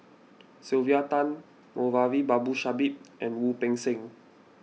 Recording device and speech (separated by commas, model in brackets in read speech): mobile phone (iPhone 6), read sentence